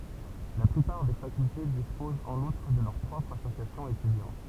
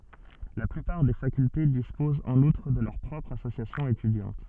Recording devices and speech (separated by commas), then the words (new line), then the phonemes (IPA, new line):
temple vibration pickup, soft in-ear microphone, read sentence
La plupart des facultés disposent en outre de leurs propres associations étudiantes.
la plypaʁ de fakylte dispozt ɑ̃n utʁ də lœʁ pʁɔpʁz asosjasjɔ̃z etydjɑ̃t